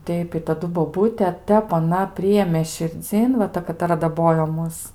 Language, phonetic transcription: Lithuanian, ˈteip i taˈdu boˈbūte ˈtep aˈna ˈprijėmė širˈdzyn va ˈta kataˈra daˈbojo ˈmus

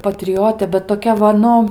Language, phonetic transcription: Lithuanian, patriˈjotė bet toˈkia va ˈnu

